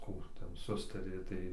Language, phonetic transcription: Lithuanian, ˈkų ˈten ˈsustarė tai

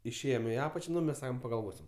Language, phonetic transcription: Lithuanian, išˈėjom i ˈapačia ˈnu mes ˈsakom pagalˈvosim

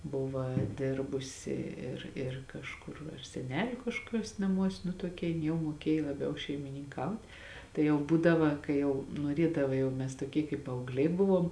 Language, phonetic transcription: Lithuanian, ˈbuva ˈdirbusi ir ir kažˈkur ar seˈneliu kažkoˈkiuos naˈmuos nu toˈkia jin ˈjau muoˈkėj laˈbiau šeimininˈkaut' tai jau ˈbūdava kai ˈjau nuoˈriedava jau ˈmes toˈkie kaip paaugˈliai ˈbuvom

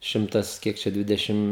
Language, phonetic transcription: Lithuanian, ˈšimtas ˈkiek čia ˈdvidešim

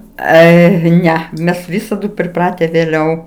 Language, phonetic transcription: Lithuanian, ˈai ˈne ˈmes ˈvisadu priˈprate vėˈliau

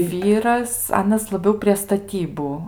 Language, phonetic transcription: Lithuanian, ˈvyras ˈanas laˈbiau prie staˈtybu

